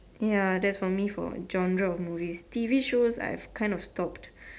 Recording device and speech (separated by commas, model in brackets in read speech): standing microphone, conversation in separate rooms